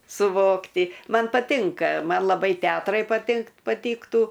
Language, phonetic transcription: Lithuanian, suˈvokti ˈman paˈtinka ˈman laˈbai ˈteatrai patink paˈtyktų

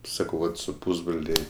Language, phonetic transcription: Lithuanian, ˈsakau ˈvat su ˈpusbrolė

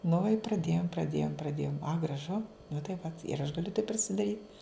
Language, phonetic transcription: Lithuanian, nu i praˈdėjom praˈdėjom praˈdėjom a graˈžu nu tai ˈva ir aš gaˈliu taip prisidaˈryt

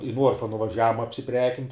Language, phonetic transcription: Lithuanian, i ˈnuorfa nuvaˈžiavum apsiˈprekint'

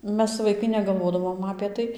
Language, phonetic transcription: Lithuanian, ˈmes vaiˈkai negalˈvodavom apė ˈtai

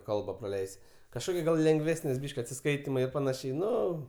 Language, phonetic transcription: Lithuanian, ˈkalba praˈleisi kažˈkoki gal lengˈvesnis ˈbyšk' atsiˈskaitimai ir paˈnašiai ˈnu

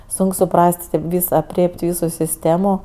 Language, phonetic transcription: Lithuanian, ˈsunk suˈpras't' tėp ˈvys apˈrėp't' ˈvysu sisˈtėmu

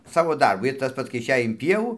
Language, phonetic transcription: Lithuanian, ˈsavo ˈdarbu ir ˈtas pats kai išˈej in pieˈvų

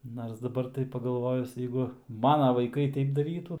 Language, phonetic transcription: Lithuanian, nars daˈbar tai pagalˈvojus ˈjeigu ˈmana vaiˈkai ˈtaip daˈrytu

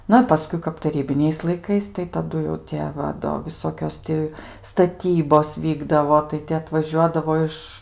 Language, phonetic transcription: Lithuanian, ˈnu i paˈskui kap taˈrybiniais laiˈkais tai taˈdu jau ˈtie ˈva ˈdo viˈsokios ˈti staˈtybos ˈvykdavo tai ˈti atvaˈžiuodavo ˈiš

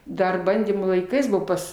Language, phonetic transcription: Lithuanian, ˈdar ˈbandymų laiˈkais ˈbuvo ˈpas

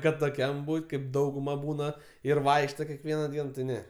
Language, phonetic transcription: Lithuanian, kad toˈkiam ˈbūt' kaip ˈdauguma ˈbūna ir ˈvaikšto kekˈviena ˈdien ti ˈne

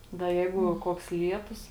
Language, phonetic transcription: Lithuanian, da ˈjeigu ˈkuoks ˈlietus

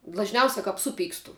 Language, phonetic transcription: Lithuanian, dlažˈniausia kap ˈsuˌpykstu

